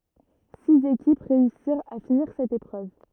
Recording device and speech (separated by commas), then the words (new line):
rigid in-ear microphone, read sentence
Six équipes réussirent à finir cette épreuve.